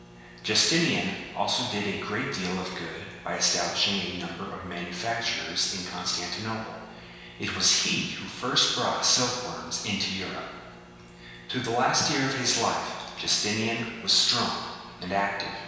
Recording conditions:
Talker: one person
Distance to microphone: 1.7 m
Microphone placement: close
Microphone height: 1.0 m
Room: very reverberant, large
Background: none

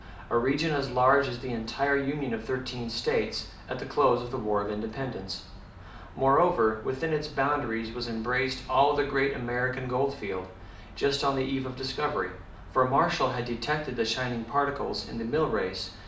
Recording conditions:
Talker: one person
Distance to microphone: 2.0 m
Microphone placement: close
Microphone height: 99 cm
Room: medium-sized (5.7 m by 4.0 m)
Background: none

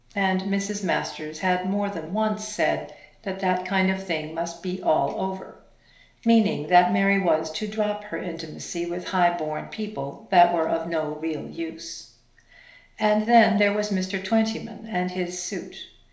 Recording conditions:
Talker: one person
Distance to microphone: 1.0 m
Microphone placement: close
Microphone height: 1.1 m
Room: small (3.7 m by 2.7 m)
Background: none

